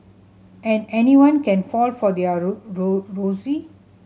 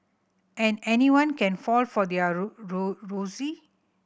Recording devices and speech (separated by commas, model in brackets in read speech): mobile phone (Samsung C7100), boundary microphone (BM630), read sentence